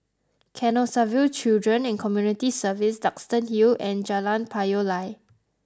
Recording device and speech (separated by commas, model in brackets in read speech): close-talking microphone (WH20), read sentence